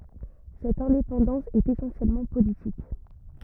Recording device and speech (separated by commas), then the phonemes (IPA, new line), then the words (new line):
rigid in-ear microphone, read sentence
sɛt ɛ̃depɑ̃dɑ̃s ɛt esɑ̃sjɛlmɑ̃ politik
Cette indépendance est essentiellement politique.